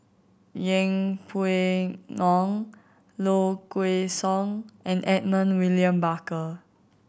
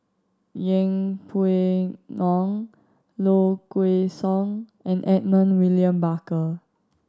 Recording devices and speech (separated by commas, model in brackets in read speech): boundary microphone (BM630), standing microphone (AKG C214), read sentence